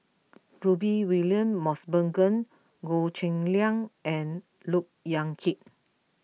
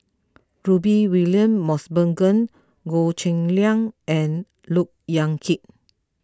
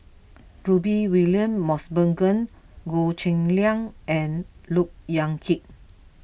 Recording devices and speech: mobile phone (iPhone 6), close-talking microphone (WH20), boundary microphone (BM630), read sentence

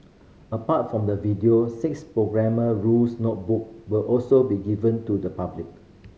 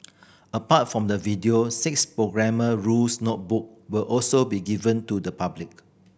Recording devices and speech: mobile phone (Samsung C5010), boundary microphone (BM630), read sentence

